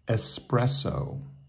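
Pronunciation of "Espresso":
'Espresso' is said with the proper North American pronunciation.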